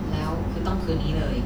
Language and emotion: Thai, frustrated